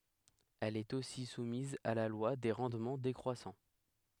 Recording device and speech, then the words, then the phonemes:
headset microphone, read sentence
Elle est aussi soumise à la loi des rendements décroissants.
ɛl ɛt osi sumiz a la lwa de ʁɑ̃dmɑ̃ dekʁwasɑ̃

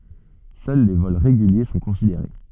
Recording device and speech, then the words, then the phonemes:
soft in-ear microphone, read sentence
Seuls les vols réguliers sont considérés.
sœl le vɔl ʁeɡylje sɔ̃ kɔ̃sideʁe

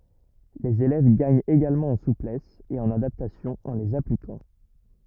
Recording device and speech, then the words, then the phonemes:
rigid in-ear microphone, read sentence
Les élèves gagnent également en souplesse et en adaptation en les appliquant.
lez elɛv ɡaɲt eɡalmɑ̃ ɑ̃ suplɛs e ɑ̃n adaptasjɔ̃ ɑ̃ lez aplikɑ̃

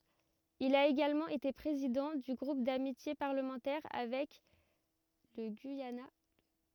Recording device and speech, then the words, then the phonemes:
rigid in-ear microphone, read sentence
Il a également été président du groupe d'amitié parlementaire avec le Guyana.
il a eɡalmɑ̃ ete pʁezidɑ̃ dy ɡʁup damitje paʁləmɑ̃tɛʁ avɛk lə ɡyijana

